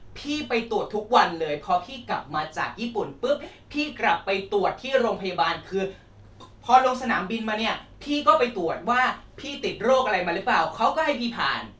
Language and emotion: Thai, angry